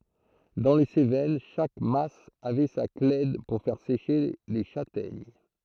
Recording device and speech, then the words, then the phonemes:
throat microphone, read sentence
Dans les Cévennes, chaque mas avait sa clède pour faire sécher les châtaignes.
dɑ̃ le sevɛn ʃak mas avɛ sa klɛd puʁ fɛʁ seʃe le ʃatɛɲ

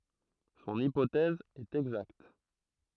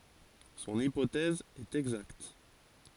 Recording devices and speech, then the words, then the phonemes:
throat microphone, forehead accelerometer, read sentence
Son hypothèse est exacte.
sɔ̃n ipotɛz ɛt ɛɡzakt

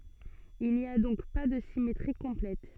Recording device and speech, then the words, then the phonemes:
soft in-ear microphone, read sentence
Il n’y a donc pas de symétrie complète.
il ni a dɔ̃k pa də simetʁi kɔ̃plɛt

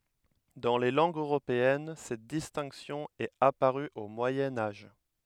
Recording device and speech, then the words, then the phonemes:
headset microphone, read sentence
Dans les langues européennes, cette distinction est apparue au Moyen Âge.
dɑ̃ le lɑ̃ɡz øʁopeɛn sɛt distɛ̃ksjɔ̃ ɛt apaʁy o mwajɛ̃ aʒ

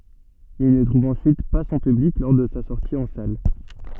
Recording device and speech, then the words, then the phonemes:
soft in-ear microphone, read sentence
Il ne trouve ensuite pas son public lors de sa sortie en salle.
il nə tʁuv ɑ̃syit pa sɔ̃ pyblik lɔʁ də sa sɔʁti ɑ̃ sal

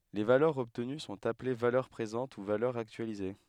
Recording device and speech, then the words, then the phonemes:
headset microphone, read sentence
Les valeurs obtenues sont appelées valeurs présentes ou valeurs actualisées.
le valœʁz ɔbtəny sɔ̃t aple valœʁ pʁezɑ̃t u valœʁz aktyalize

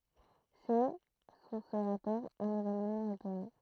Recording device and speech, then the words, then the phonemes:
throat microphone, read sentence
C'est, sous ce rapport, un événement européen.
sɛ su sə ʁapɔʁ œ̃n evenmɑ̃ øʁopeɛ̃

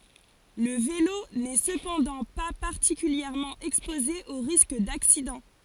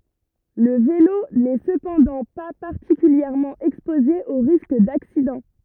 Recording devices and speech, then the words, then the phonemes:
forehead accelerometer, rigid in-ear microphone, read sentence
Le vélo n'est cependant pas particulièrement exposé aux risques d'accidents.
lə velo nɛ səpɑ̃dɑ̃ pa paʁtikyljɛʁmɑ̃ ɛkspoze o ʁisk daksidɑ̃

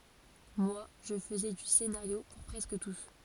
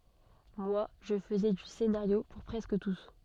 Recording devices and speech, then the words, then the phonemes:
forehead accelerometer, soft in-ear microphone, read sentence
Moi, je faisais du scénario pour presque tous.
mwa ʒə fəzɛ dy senaʁjo puʁ pʁɛskə tus

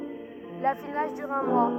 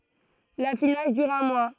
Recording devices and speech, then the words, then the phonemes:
rigid in-ear microphone, throat microphone, read sentence
L'affinage dure un mois.
lafinaʒ dyʁ œ̃ mwa

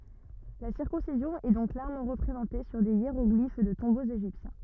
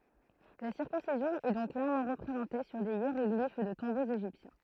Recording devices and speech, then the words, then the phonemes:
rigid in-ear microphone, throat microphone, read sentence
La circoncision est donc clairement représentée sur des hiéroglyphes de tombeaux égyptiens.
la siʁkɔ̃sizjɔ̃ ɛ dɔ̃k klɛʁmɑ̃ ʁəpʁezɑ̃te syʁ de jeʁɔɡlif də tɔ̃boz eʒiptjɛ̃

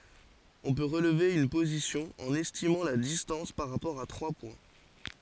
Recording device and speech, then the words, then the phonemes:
forehead accelerometer, read sentence
On peut relever une position en estimant la distance par rapport à trois points.
ɔ̃ pø ʁəlve yn pozisjɔ̃ ɑ̃n ɛstimɑ̃ la distɑ̃s paʁ ʁapɔʁ a tʁwa pwɛ̃

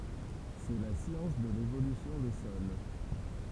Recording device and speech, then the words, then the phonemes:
temple vibration pickup, read sentence
C'est la science de l'évolution des sols.
sɛ la sjɑ̃s də levolysjɔ̃ de sɔl

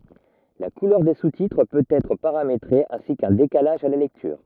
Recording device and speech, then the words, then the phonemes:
rigid in-ear microphone, read sentence
La couleur des sous-titres peut être paramétrée ainsi qu’un décalage à la lecture.
la kulœʁ de sustitʁ pøt ɛtʁ paʁametʁe ɛ̃si kœ̃ dekalaʒ a la lɛktyʁ

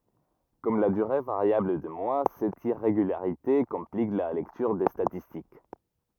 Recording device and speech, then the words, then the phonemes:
rigid in-ear microphone, read sentence
Comme la durée variable des mois, cette irrégularité complique la lecture des statistiques.
kɔm la dyʁe vaʁjabl de mwa sɛt iʁeɡylaʁite kɔ̃plik la lɛktyʁ de statistik

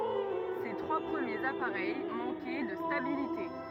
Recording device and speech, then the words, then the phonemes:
rigid in-ear microphone, read sentence
Ses trois premiers appareils manquaient de stabilité.
se tʁwa pʁəmjez apaʁɛj mɑ̃kɛ də stabilite

